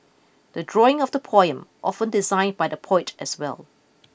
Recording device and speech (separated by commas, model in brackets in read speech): boundary microphone (BM630), read sentence